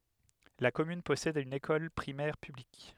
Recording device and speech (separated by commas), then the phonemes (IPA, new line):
headset microphone, read sentence
la kɔmyn pɔsɛd yn ekɔl pʁimɛʁ pyblik